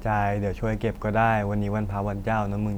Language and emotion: Thai, frustrated